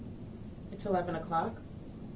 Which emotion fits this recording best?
neutral